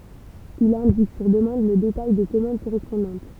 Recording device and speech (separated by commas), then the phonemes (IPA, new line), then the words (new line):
temple vibration pickup, read sentence
il ɛ̃dik syʁ dəmɑ̃d lə detaj de kɔmɑ̃d koʁɛspɔ̃dɑ̃t
Il indique, sur demande, le détail des commandes correspondantes.